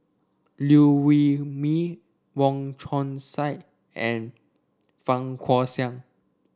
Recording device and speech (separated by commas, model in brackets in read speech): standing microphone (AKG C214), read sentence